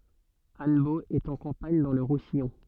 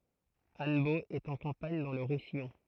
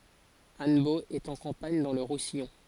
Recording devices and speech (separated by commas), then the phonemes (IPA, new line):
soft in-ear microphone, throat microphone, forehead accelerometer, read sentence
anbo ɛt ɑ̃ kɑ̃paɲ dɑ̃ lə ʁusijɔ̃